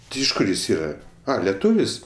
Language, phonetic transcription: Lithuanian, ˈti iš ˈkur ˈjis ˈyra ˈa leˈtūvis

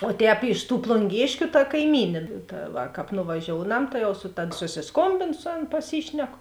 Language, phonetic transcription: Lithuanian, o ˈtēp iš tų plunˈgėškiu ta kaiˈmynė ˈta va ˈkāp nuvaˈžiounam ta ˈjau su tad susisˈkombėnu ˈsu ˌan paˈsyšneku

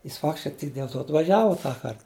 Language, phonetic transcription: Lithuanian, jis ˈfaktiškai tik dėl ˈto atvaˈžiava ˈtąkart

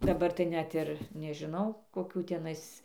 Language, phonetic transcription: Lithuanian, daˈbar tai ˈnet ir nežiˈnau koˈkių teˈnais

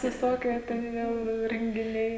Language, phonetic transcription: Lithuanian, viˈsokie ten ˈjau i rengiˈniai

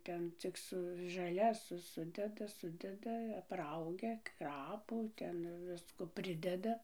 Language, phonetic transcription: Lithuanian, ˈten cik ˈsu žaˈlias ˈsudeda ˈsudeda apˈraugia ˈkrapų ˈten ˈvisko ˈprideda

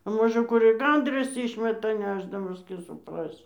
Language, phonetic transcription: Lithuanian, a ˈmožə ˈkur i ˈgandras ˈyšmeta ˈnešdamas tį supˈrasi

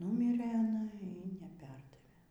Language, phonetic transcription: Lithuanian, ˈnumirɘ aˈna y neˈperdavė

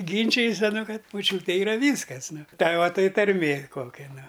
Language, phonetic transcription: Lithuanian, ˈgynčijas aˈnu ˈkad moˈčiūtė iˈra ˈvyskas ˈnu ˈtai ˈva ˈtai tarˈmė ˈkokia ˈnu

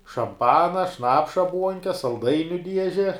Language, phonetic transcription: Lithuanian, šamˈpana ˈšnapša ˈbuonke salˈdainiu ˈdieže

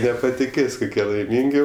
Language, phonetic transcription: Lithuanian, nepatiˈkės' kuˈkie laiˈmyngi

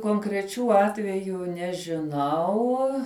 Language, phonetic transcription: Lithuanian, konkreˈčių ˈatvejų nežiˈnau

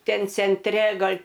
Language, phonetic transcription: Lithuanian, ˈten cenˈtre ˈgal'

